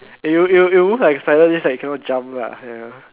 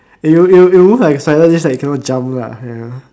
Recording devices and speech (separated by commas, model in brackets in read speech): telephone, standing microphone, conversation in separate rooms